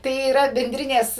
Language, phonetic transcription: Lithuanian, tai yˈra benˈdrinės

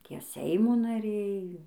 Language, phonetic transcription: Lithuanian, ˈtie ˈseimo naˈriai

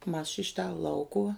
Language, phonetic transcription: Lithuanian, mas ši ˈšita ˈlaukuva

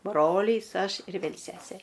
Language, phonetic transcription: Lithuanian, ˈbrolys ˈaš ir ˈvėl ˈsesė

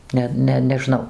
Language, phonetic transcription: Lithuanian, ˈne ˈne neˈžnau

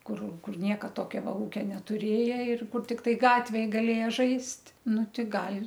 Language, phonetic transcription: Lithuanian, ˈkur ˈkur ˈnieka ˈtokio ˈva ˈūkia netuˈrėje ir kur tikˈtai ˈgatvėj gaˈlėja ˈžaist' ˈnu ˈti ˈgal'

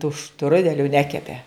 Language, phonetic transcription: Lithuanian, tų ˈštrudeliu ˈnekepe

